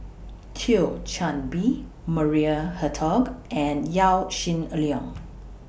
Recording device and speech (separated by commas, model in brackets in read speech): boundary microphone (BM630), read sentence